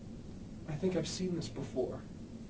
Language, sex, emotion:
English
male
fearful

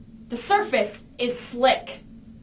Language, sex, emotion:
English
female
angry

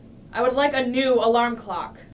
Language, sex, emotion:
English
female
angry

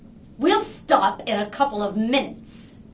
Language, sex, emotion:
English
female
angry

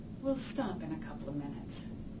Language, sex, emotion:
English
female
neutral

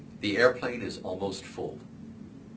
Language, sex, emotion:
English
male
neutral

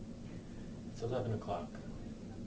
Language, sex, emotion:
English
male
neutral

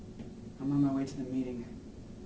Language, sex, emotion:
English
male
neutral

